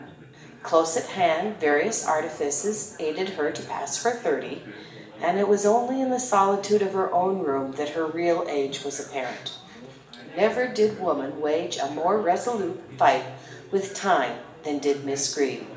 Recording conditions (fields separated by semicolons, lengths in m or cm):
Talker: one person; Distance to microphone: 1.8 m; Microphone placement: close; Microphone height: 1.0 m; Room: large; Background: babble